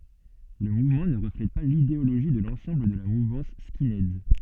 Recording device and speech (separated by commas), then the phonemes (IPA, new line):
soft in-ear microphone, read sentence
lə muvmɑ̃ nə ʁəflɛt pa lideoloʒi də lɑ̃sɑ̃bl də la muvɑ̃s skinɛdz